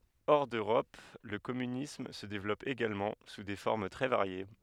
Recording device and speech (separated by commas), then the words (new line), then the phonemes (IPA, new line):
headset microphone, read sentence
Hors d'Europe, le communisme se développe également, sous des formes très variées.
ɔʁ døʁɔp lə kɔmynism sə devlɔp eɡalmɑ̃ su de fɔʁm tʁɛ vaʁje